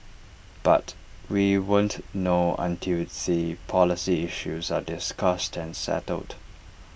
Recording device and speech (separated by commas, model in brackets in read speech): boundary microphone (BM630), read sentence